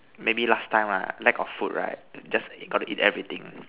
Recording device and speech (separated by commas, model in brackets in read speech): telephone, conversation in separate rooms